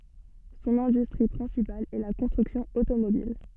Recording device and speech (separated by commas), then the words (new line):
soft in-ear microphone, read sentence
Son industrie principale est la construction automobile.